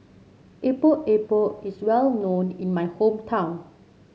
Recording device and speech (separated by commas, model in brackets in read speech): mobile phone (Samsung C7), read sentence